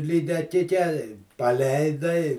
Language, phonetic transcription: Lithuanian, lydeˈkike i paˈleidai

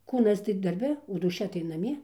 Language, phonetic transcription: Lithuanian, ˈkūnas tai darˈbe o dūˈšia tai naˈmie

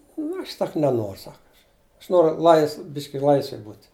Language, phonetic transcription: Lithuanian, nu ˈaš ˈsak neˈnor ˈsak ˈaš ˈaš ˈnoru ˈlaisv ˈbiški ˈlaisvej ˈbūt'

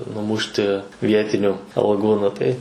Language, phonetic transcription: Lithuanian, nuˈmušti ˈvietiniu alˈgų ˈnu tai

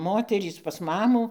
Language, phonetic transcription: Lithuanian, ˈmoterys pas ˈmamų

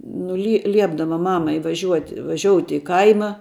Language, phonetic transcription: Lithuanian, ˈnu li ˈliepdava ˈmamai vaˈžiuoti vaˈžiouti i ˈkaima

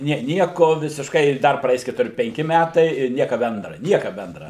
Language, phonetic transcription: Lithuanian, ˈnie ˈnieko visišˈkai i ˈdar praˈeis ketuˈri penˈki ˈmætai ir ˈnieka ˈbendra ˈnieka ˈbendra

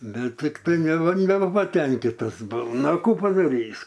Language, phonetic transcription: Lithuanian, ˈbet ˈtiktai neba nebapaˈtenkitas buau ˈnu a ˈkų padaˈrys'

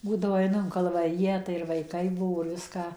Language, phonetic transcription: Lithuanian, ˈbūdavo ˈaiˈnu in kalvaˈriją tai ir vaiˈkai ˈbuvo ir ˈviską

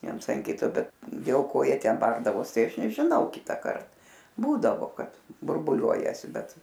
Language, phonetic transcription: Lithuanian, ˈviens an ˈkito ˈbet dėl ˈko ˈjie ˈten ˈbardavos ˈtai ˈaš nežiˈnau ˈkitąkart ˈbūdavo ˈkad burˈbuliuojasi ˈbet

